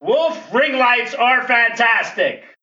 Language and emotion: English, disgusted